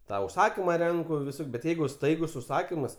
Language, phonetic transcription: Lithuanian, ta užˈsakima ˈrenku viˈsok' bet ˈjeigu ˈstaigus užˈsakimas

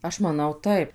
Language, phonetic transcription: Lithuanian, ˈaš maˈnau ˈtaip

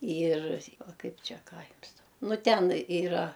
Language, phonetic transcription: Lithuanian, yr ˈva ˈkaip ˈčia ˈką ˈjums dau ˈnu ˈten yˈra

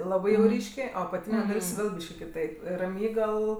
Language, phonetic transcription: Lithuanian, ˈlabɜ jau ˈryškė o apaˈtyne ˈdal's' ˈvėl ˈbyški kiˈtaip raˈmygal

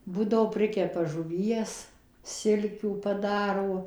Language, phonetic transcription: Lithuanian, ˈbūdavo ˈprikepa žuˈvies ˈsilkių paˈdaro

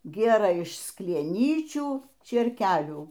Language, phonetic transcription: Lithuanian, ˈgėrɘ iš sklieˈnyčių čėrˈkelių

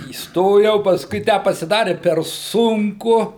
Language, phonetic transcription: Lithuanian, įsˈtojau paˈskui ˈtę pasiˈdari per ˈsunku

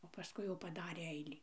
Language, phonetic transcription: Lithuanian, o paˈskui jau paˈdarė ˈeilį

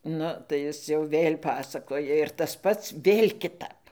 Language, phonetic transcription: Lithuanian, ˈnu tai ˈjis jau ˈvėl' ˈpasakoja ir tas ˈpats ˈvėl' kiˈtap

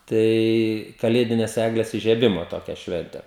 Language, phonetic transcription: Lithuanian, ˈtai kaˈlėdines ˈegles ižieˈbimo ˈtokia ˈšvente

